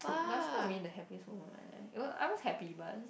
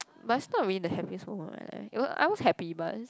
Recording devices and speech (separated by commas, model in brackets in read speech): boundary microphone, close-talking microphone, conversation in the same room